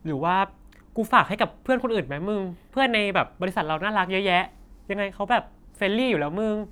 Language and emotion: Thai, happy